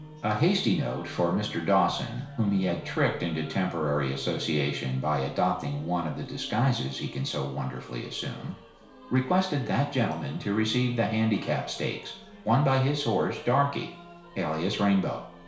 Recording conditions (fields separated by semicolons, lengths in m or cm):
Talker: one person; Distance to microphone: 1.0 m; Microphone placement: close; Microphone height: 1.1 m; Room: small (3.7 m by 2.7 m); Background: music